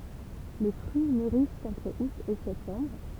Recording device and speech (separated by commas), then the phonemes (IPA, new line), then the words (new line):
temple vibration pickup, read sentence
le fʁyi myʁist ɑ̃tʁ ut e sɛptɑ̃bʁ
Les fruits mûrissent entre août et septembre.